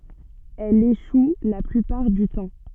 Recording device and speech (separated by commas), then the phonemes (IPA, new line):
soft in-ear microphone, read sentence
ɛl eʃu la plypaʁ dy tɑ̃